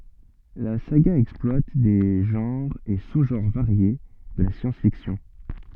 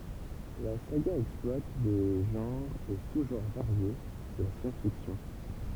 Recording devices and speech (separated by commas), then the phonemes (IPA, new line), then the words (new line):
soft in-ear microphone, temple vibration pickup, read sentence
la saɡa ɛksplwat de ʒɑ̃ʁz e suzʒɑ̃ʁ vaʁje də la sjɑ̃sfiksjɔ̃
La saga exploite des genres et sous-genres variés de la science-fiction.